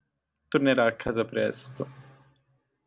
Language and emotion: Italian, sad